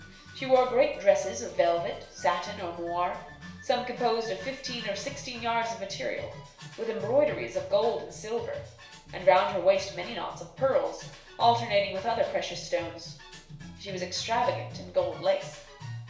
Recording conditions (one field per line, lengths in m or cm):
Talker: one person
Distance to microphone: 1.0 m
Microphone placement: close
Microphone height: 1.1 m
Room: small (3.7 m by 2.7 m)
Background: music